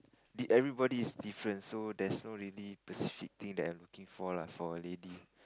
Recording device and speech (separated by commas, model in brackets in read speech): close-talking microphone, conversation in the same room